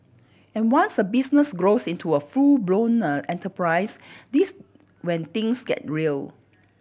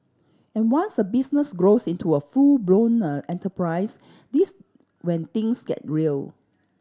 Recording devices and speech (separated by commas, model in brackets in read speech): boundary microphone (BM630), standing microphone (AKG C214), read sentence